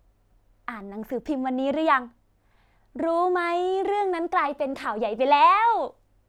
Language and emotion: Thai, happy